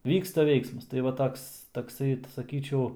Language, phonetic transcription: Lithuanian, ˈvyksta ˈveiksmas tai ˈva ˈtoks takˈsai saˈkyčiau

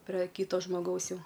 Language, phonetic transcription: Lithuanian, pre ˈkyto žmoˈgaus ˈjau

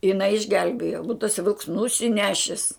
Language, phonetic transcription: Lithuanian, jiˈnai išˈgelbėjo būt taˈsai vilks nusiˈnešis

